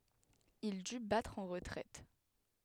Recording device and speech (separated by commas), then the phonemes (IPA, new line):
headset microphone, read sentence
il dy batʁ ɑ̃ ʁətʁɛt